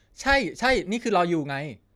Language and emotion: Thai, frustrated